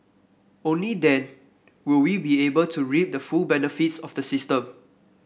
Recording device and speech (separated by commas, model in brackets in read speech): boundary microphone (BM630), read sentence